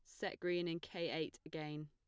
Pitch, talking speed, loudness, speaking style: 165 Hz, 215 wpm, -43 LUFS, plain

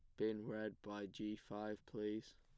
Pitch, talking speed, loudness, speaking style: 105 Hz, 165 wpm, -47 LUFS, plain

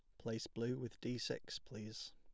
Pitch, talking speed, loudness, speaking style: 115 Hz, 185 wpm, -45 LUFS, plain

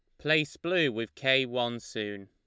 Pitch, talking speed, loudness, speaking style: 125 Hz, 175 wpm, -29 LUFS, Lombard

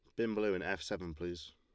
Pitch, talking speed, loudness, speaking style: 90 Hz, 265 wpm, -38 LUFS, Lombard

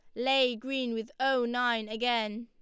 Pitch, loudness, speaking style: 240 Hz, -30 LUFS, Lombard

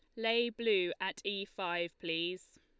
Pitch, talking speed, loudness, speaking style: 190 Hz, 150 wpm, -35 LUFS, Lombard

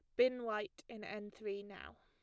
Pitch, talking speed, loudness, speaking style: 210 Hz, 195 wpm, -41 LUFS, plain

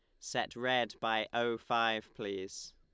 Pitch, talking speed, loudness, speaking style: 110 Hz, 140 wpm, -35 LUFS, Lombard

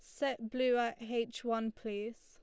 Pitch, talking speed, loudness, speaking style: 230 Hz, 175 wpm, -36 LUFS, Lombard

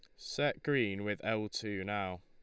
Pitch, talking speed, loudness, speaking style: 105 Hz, 175 wpm, -36 LUFS, Lombard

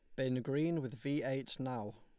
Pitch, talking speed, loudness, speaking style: 135 Hz, 205 wpm, -38 LUFS, Lombard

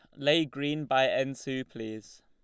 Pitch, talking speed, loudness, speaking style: 135 Hz, 175 wpm, -29 LUFS, Lombard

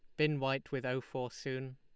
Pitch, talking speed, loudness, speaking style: 135 Hz, 230 wpm, -37 LUFS, Lombard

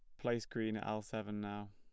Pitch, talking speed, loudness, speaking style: 110 Hz, 235 wpm, -41 LUFS, plain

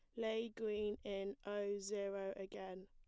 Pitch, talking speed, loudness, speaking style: 205 Hz, 135 wpm, -44 LUFS, plain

